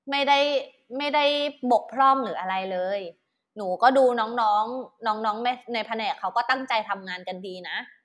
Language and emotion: Thai, neutral